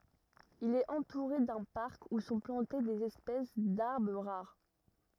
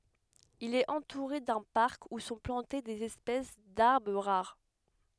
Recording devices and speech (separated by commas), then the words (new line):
rigid in-ear microphone, headset microphone, read sentence
Il est entouré d'un parc où sont plantées des espèces d'arbre rares.